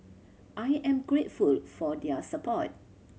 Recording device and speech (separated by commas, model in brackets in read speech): mobile phone (Samsung C7100), read sentence